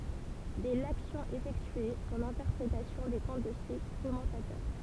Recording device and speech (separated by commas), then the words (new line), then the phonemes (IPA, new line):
temple vibration pickup, read sentence
Dès l'action effectuée, son interprétation dépend de ses commentateurs.
dɛ laksjɔ̃ efɛktye sɔ̃n ɛ̃tɛʁpʁetasjɔ̃ depɑ̃ də se kɔmɑ̃tatœʁ